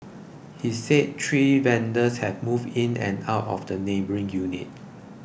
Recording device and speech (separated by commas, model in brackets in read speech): boundary microphone (BM630), read sentence